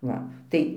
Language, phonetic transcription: Lithuanian, ˈva ˈtai

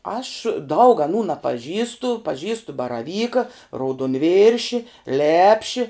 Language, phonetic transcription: Lithuanian, aš daug aˈnų napaˈžįstu paˈžįstu baraˈvyka raudonˈvirši ˈlepši

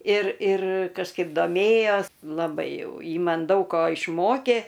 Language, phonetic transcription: Lithuanian, ir ir kažˈkaip doˈmėjos laˈbai ˈjau ˈji ˈman ˈdaug ko išˈmokė

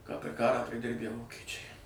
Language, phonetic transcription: Lithuanian, ką per ˈkarą priˈdirbæ ˈvokečiai

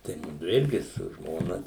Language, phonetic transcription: Lithuanian, tai ˈmudu ˈirgi su ˈžmona

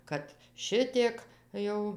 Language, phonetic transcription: Lithuanian, ˈkad ˈšitiek ˈjau

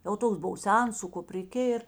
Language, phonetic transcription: Lithuanian, jau ˈtoks ˈbuvo ˈsens su kupriˈkė ir

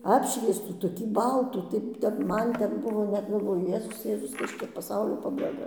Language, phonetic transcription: Lithuanian, ˈapšviestų toˈkį ˈbaltų tai ˈten ˈman ˈten ˈbuvo net galˈvoju ˈjėzus ˈjėzus ˈkas čia paˈsaulio pabaiˈga

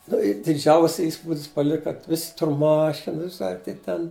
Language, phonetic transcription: Lithuanian, ˈnu ir diˈdžiausia ˈįspūdis paˈlika ˈvisi ˈtur ˈmašinas ar tai ˈten

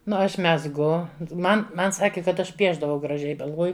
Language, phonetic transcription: Lithuanian, ˈnu ˈaš mezˈgu ˈman ˈman ˈsaki kad ˈaš ˈpiešdavau graˈžiai galˈvoju

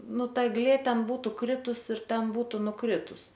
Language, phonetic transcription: Lithuanian, ˈnu ˈta egˈlė ˈten ˈbūtu ˈkritus ir ˈten ˈbūtu nuˈkritus

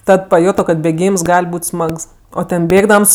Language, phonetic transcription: Lithuanian, ˈtad paˈjuto kad bėˈgyms ˈgal' ˈbūt' ˈsmags ˈo ˈten ˈbėgdams

